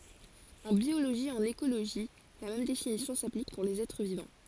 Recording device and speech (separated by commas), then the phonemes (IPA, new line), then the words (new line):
forehead accelerometer, read sentence
ɑ̃ bjoloʒi e ɑ̃n ekoloʒi la mɛm definisjɔ̃ saplik puʁ lez ɛtʁ vivɑ̃
En biologie et en écologie la même définition s'applique pour les êtres vivants.